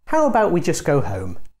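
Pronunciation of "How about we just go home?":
'How about we just go home?' is said as a suggestion with a falling tone, so it doesn't sound so much like a question.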